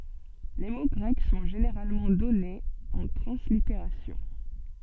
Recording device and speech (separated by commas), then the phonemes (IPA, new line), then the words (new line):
soft in-ear microphone, read sentence
le mo ɡʁɛk sɔ̃ ʒeneʁalmɑ̃ dɔnez ɑ̃ tʁɑ̃sliteʁasjɔ̃
Les mots grecs sont généralement donnés en translittération.